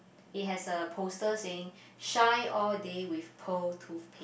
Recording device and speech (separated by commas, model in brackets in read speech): boundary microphone, conversation in the same room